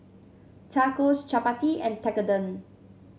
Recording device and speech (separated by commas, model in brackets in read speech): mobile phone (Samsung C7), read sentence